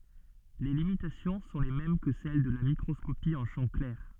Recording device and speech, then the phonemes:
soft in-ear microphone, read sentence
le limitasjɔ̃ sɔ̃ le mɛm kə sɛl də la mikʁɔskopi ɑ̃ ʃɑ̃ klɛʁ

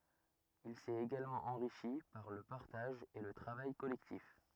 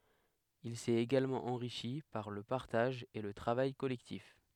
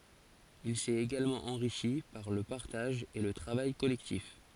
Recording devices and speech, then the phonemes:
rigid in-ear microphone, headset microphone, forehead accelerometer, read sentence
il sɛt eɡalmɑ̃ ɑ̃ʁiʃi paʁ lə paʁtaʒ e lə tʁavaj kɔlɛktif

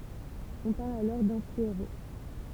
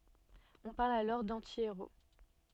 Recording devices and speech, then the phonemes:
temple vibration pickup, soft in-ear microphone, read sentence
ɔ̃ paʁl alɔʁ dɑ̃tieʁo

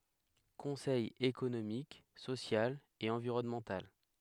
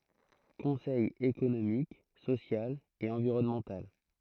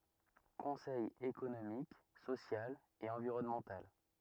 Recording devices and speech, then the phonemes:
headset microphone, throat microphone, rigid in-ear microphone, read sentence
kɔ̃sɛj ekonomik sosjal e ɑ̃viʁɔnmɑ̃tal

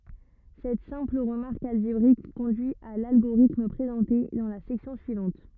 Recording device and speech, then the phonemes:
rigid in-ear microphone, read sentence
sɛt sɛ̃pl ʁəmaʁk alʒebʁik kɔ̃dyi a lalɡoʁitm pʁezɑ̃te dɑ̃ la sɛksjɔ̃ syivɑ̃t

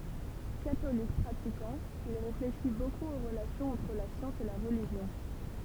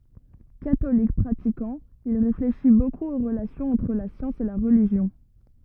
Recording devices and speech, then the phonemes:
temple vibration pickup, rigid in-ear microphone, read sentence
katolik pʁatikɑ̃ il ʁefleʃi bokup o ʁəlasjɔ̃z ɑ̃tʁ la sjɑ̃s e la ʁəliʒjɔ̃

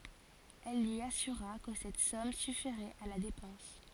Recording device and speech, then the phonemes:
forehead accelerometer, read sentence
ɛl lyi asyʁa kə sɛt sɔm syfiʁɛt a la depɑ̃s

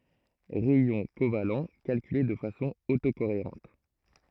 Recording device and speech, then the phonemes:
throat microphone, read sentence
ʁɛjɔ̃ koval kalkyle də fasɔ̃ oto koeʁɑ̃t

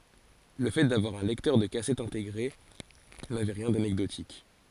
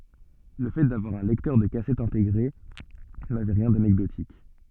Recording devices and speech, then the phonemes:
forehead accelerometer, soft in-ear microphone, read sentence
lə fɛ davwaʁ œ̃ lɛktœʁ də kasɛt ɛ̃teɡʁe navɛ ʁjɛ̃ danɛkdotik

